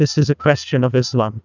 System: TTS, neural waveform model